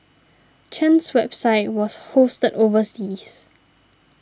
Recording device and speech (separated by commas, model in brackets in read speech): standing microphone (AKG C214), read sentence